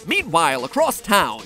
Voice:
Narrator kind of voice